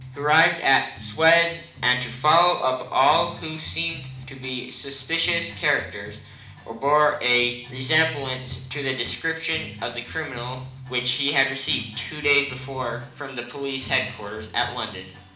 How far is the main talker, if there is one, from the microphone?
2.0 m.